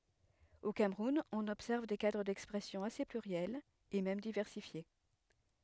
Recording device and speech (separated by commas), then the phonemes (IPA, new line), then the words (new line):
headset microphone, read sentence
o kamʁun ɔ̃n ɔbsɛʁv de kadʁ dɛkspʁɛsjɔ̃ ase plyʁjɛlz e mɛm divɛʁsifje
Au Cameroun, on observe des cadres d'expression assez pluriels et même diversifiés.